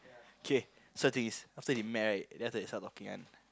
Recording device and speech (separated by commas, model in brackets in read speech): close-talking microphone, conversation in the same room